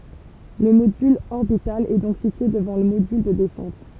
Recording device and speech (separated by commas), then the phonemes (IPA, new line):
temple vibration pickup, read sentence
lə modyl ɔʁbital ɛ dɔ̃k sitye dəvɑ̃ lə modyl də dɛsɑ̃t